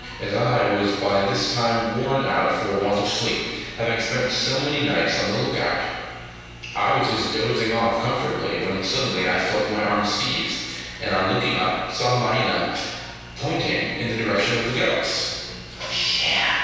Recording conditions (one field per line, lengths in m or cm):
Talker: one person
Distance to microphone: 7.1 m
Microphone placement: far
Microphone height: 1.7 m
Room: very reverberant, large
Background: television